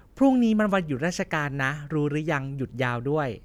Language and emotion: Thai, neutral